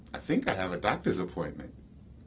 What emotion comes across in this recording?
neutral